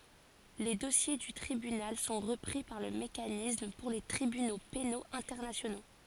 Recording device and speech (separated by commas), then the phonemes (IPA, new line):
forehead accelerometer, read sentence
le dɔsje dy tʁibynal sɔ̃ ʁəpʁi paʁ lə mekanism puʁ le tʁibyno penoz ɛ̃tɛʁnasjono